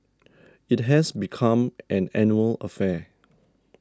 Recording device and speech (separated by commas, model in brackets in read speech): standing microphone (AKG C214), read sentence